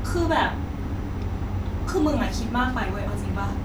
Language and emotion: Thai, frustrated